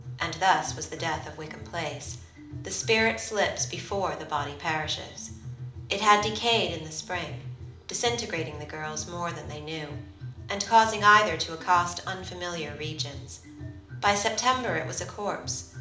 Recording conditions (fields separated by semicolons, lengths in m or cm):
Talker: one person; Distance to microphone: 2.0 m; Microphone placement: close; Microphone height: 99 cm; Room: medium-sized (5.7 m by 4.0 m); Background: music